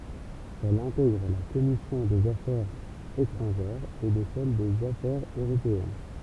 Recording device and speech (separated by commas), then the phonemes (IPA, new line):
temple vibration pickup, read sentence
ɛl ɛ̃tɛɡʁ la kɔmisjɔ̃ dez afɛʁz etʁɑ̃ʒɛʁz e də sɛl dez afɛʁz øʁopeɛn